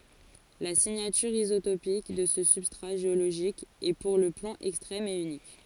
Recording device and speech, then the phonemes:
forehead accelerometer, read sentence
la siɲatyʁ izotopik də sə sybstʁa ʒeoloʒik ɛ puʁ lə plɔ̃ ɛkstʁɛm e ynik

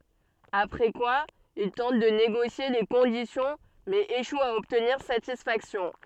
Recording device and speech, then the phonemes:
soft in-ear microphone, read sentence
apʁɛ kwa il tɑ̃t də neɡosje le kɔ̃disjɔ̃ mɛz eʃwt a ɔbtniʁ satisfaksjɔ̃

